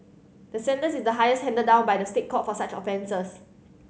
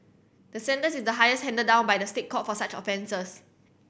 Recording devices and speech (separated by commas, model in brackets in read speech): mobile phone (Samsung C7100), boundary microphone (BM630), read sentence